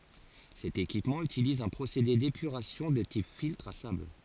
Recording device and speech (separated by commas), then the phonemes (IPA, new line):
forehead accelerometer, read sentence
sɛt ekipmɑ̃ ytiliz œ̃ pʁosede depyʁasjɔ̃ də tip filtʁ a sabl